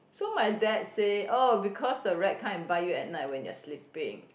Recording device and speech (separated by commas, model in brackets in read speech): boundary microphone, conversation in the same room